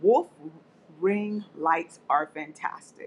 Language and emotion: English, disgusted